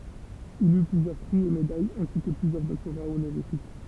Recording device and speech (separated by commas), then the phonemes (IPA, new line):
temple vibration pickup, read sentence
il y plyzjœʁ pʁi e medajz ɛ̃si kə plyzjœʁ dɔktoʁa onoʁifik